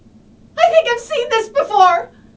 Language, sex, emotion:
English
female
fearful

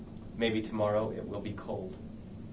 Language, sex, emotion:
English
male
neutral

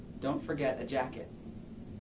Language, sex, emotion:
English
male
neutral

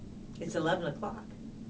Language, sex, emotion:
English
female
neutral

